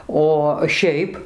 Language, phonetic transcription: Lithuanian, o ˈšiaip

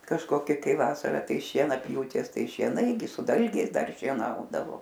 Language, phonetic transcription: Lithuanian, kažkoˈki ˈkai ˈvasara ˈtai šienaˈpjūtės ˈtai šieˈnai gi su ˈdalgiais ˈdar šieˈnaudavo

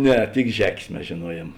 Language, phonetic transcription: Lithuanian, ˈne tik ˈžekės mes žėˈnuojiem

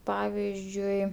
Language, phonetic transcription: Lithuanian, ˈpavizdžiui

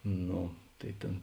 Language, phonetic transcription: Lithuanian, ˈno tai ˈtėn

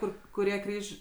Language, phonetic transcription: Lithuanian, ˈkur kuˈrie ˈkryž'

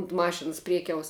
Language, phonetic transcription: Lithuanian, unt ˈmašins ˈpriekiaus

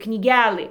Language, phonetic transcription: Lithuanian, knyˈgælɨ

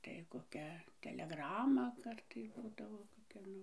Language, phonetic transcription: Lithuanian, tai koˈkia teleˈgrama ˈkartai ˈbūdavo koˈkia ˈnu

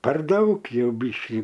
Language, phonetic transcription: Lithuanian, par ˈdaug ˈjau ˈbyškį

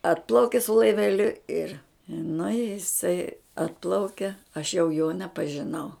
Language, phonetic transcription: Lithuanian, ˈatplauki su laiveˈliu ir nu i jiˈsai ˈatplaukia aš jau jo nepažiˈnau

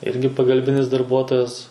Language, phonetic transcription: Lithuanian, ˈirgi pagalˈbinis darˈbuotojas

